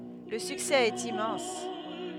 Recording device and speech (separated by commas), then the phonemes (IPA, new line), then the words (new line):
headset microphone, read sentence
lə syksɛ ɛt immɑ̃s
Le succès est immense.